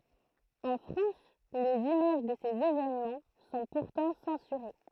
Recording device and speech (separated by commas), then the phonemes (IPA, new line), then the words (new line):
throat microphone, read sentence
ɑ̃ fʁɑ̃s lez imaʒ də sez evenmɑ̃ sɔ̃ puʁtɑ̃ sɑ̃syʁe
En France, les images de ces événements sont pourtant censurées.